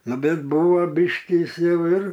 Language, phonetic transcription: Lithuanian, ˈnu ˈbet ˈbuvo ˈbiškį ˈjis ˈjau ir

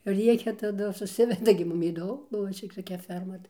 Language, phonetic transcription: Lithuanian, ˈriekia taˈdu suˈsiveda gi ˈmum įˈdo ˈbuvo čia toˈkia ˈferma tai

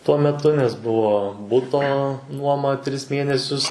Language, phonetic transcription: Lithuanian, tuo meˈtu nes ˈbuvo ˈbuto ˈnuoma ˈtris ˈmėnesius

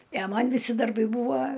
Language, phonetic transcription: Lithuanian, i a ˈman viˈsi darˈbai ˈbūva

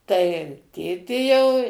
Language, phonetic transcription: Lithuanian, tai ˈtėtė jau

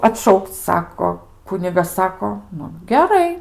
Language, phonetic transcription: Lithuanian, atˈšaukc ˈsako ˈkunigas ˈsako ˈnu geˈrai

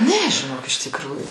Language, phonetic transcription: Lithuanian, ˈne žiˈnok iš tikˈrųju

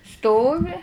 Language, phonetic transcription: Lithuanian, ˈstovi

